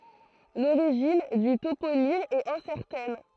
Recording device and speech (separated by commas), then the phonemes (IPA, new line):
throat microphone, read sentence
loʁiʒin dy toponim ɛt ɛ̃sɛʁtɛn